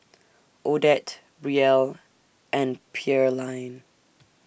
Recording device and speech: boundary microphone (BM630), read sentence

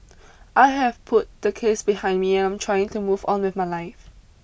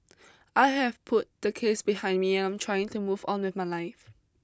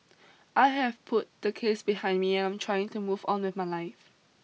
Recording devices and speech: boundary microphone (BM630), close-talking microphone (WH20), mobile phone (iPhone 6), read sentence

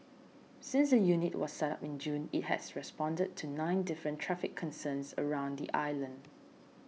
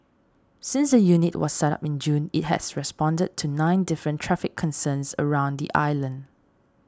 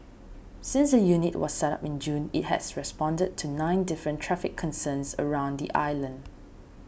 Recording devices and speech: mobile phone (iPhone 6), standing microphone (AKG C214), boundary microphone (BM630), read sentence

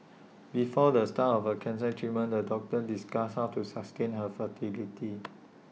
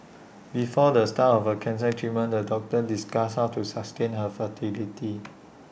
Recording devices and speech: mobile phone (iPhone 6), boundary microphone (BM630), read sentence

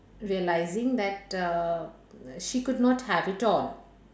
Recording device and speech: standing microphone, conversation in separate rooms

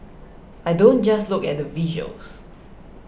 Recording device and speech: boundary microphone (BM630), read sentence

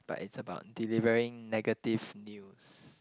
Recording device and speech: close-talking microphone, conversation in the same room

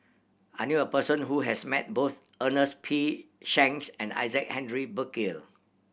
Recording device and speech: boundary microphone (BM630), read sentence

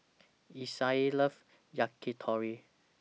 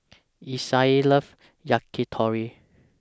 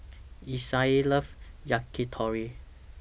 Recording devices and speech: mobile phone (iPhone 6), standing microphone (AKG C214), boundary microphone (BM630), read sentence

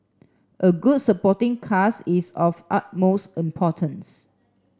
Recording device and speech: standing microphone (AKG C214), read sentence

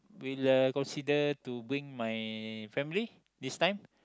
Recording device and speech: close-talking microphone, conversation in the same room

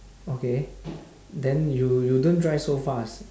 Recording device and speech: standing microphone, conversation in separate rooms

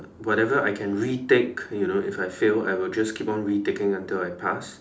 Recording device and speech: standing microphone, conversation in separate rooms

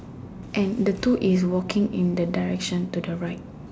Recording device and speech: standing microphone, conversation in separate rooms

